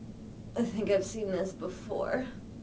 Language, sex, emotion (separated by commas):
English, female, sad